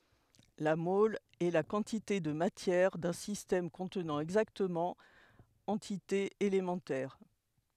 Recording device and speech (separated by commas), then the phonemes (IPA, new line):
headset microphone, read sentence
la mɔl ɛ la kɑ̃tite də matjɛʁ dœ̃ sistɛm kɔ̃tnɑ̃ ɛɡzaktəmɑ̃ ɑ̃titez elemɑ̃tɛʁ